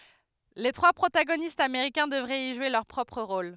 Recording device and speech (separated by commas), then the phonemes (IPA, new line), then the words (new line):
headset microphone, read sentence
le tʁwa pʁotaɡonistz ameʁikɛ̃ dəvʁɛt i ʒwe lœʁ pʁɔpʁ ʁol
Les trois protagonistes américains devraient y jouer leur propre rôle.